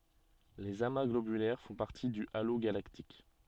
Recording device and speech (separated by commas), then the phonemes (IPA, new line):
soft in-ear microphone, read sentence
lez ama ɡlobylɛʁ fɔ̃ paʁti dy alo ɡalaktik